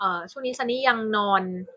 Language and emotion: Thai, neutral